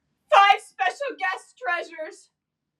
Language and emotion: English, fearful